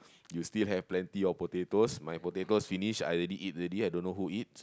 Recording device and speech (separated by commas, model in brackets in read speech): close-talking microphone, conversation in the same room